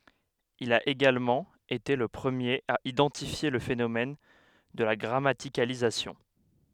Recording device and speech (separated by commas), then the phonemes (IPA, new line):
headset microphone, read sentence
il a eɡalmɑ̃ ete lə pʁəmjeʁ a idɑ̃tifje lə fenomɛn də la ɡʁamatikalizasjɔ̃